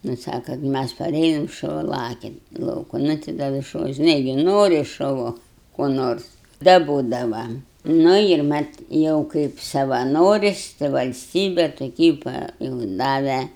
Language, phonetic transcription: Lithuanian, nu ˈsaka ˈmæs paˈrėjom šuˈva ˈlakia in ˈlauku ˈnu ti ˈda vis šuˈva žiˈnai gi ˈnori šuˈvu ko ˈnors daˈbodava ˈnu ir ˈmat ˈjau kaip savaˈnoris' tai valˈstybe toˈkį pa jūu ˈdave

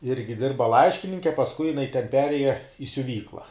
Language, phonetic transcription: Lithuanian, ˈirgi ˈdirba ˈlaiškininke pasˈkui jiˈnai ten ˈperėja i siuˈvykla

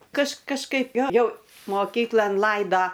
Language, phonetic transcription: Lithuanian, kaž kažˈkaip ˈjo ˈjau moˈkyklan ˈlaido

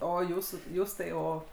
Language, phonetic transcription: Lithuanian, ˈo ˈjūsų ˈjūs tai ˈo

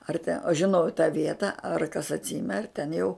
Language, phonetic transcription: Lithuanian, ar te o žiˈnau i tą ˈvieta ar kas atˈsime ar ten jau

